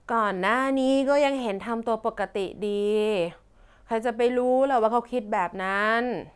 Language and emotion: Thai, frustrated